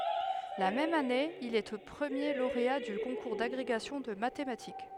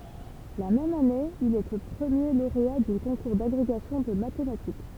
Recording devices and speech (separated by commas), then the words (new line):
headset microphone, temple vibration pickup, read sentence
La même année il est premier lauréat du concours d’agrégation de mathématiques.